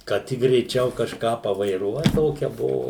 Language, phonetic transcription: Lithuanian, kad ˈtik greiˈčiau kažˈką pavaiˈruot ˈtokia ˈbuvu

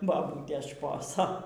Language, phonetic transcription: Lithuanian, baˈbūtės ˈšposo

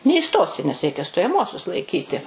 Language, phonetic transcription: Lithuanian, neįˈstosi nes ˈreikia stojaˈmuosius laiˈkyti

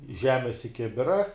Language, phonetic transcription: Lithuanian, ˈžemes i ˈkibira

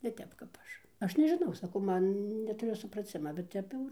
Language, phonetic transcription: Lithuanian, ne ˈtep kap ˈaš ˈaš nežiˈnau saˈkau ˈman netuˈriu supraˈcima bet ˈtep jau ir

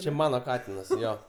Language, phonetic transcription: Lithuanian, čia ˈmano ˈkatinas ˈjo

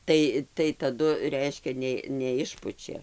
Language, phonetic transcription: Lithuanian, ˈtai tai taˈdu ˈreiškia ˈnė neˈišpučia

